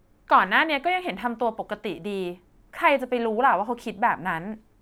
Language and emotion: Thai, frustrated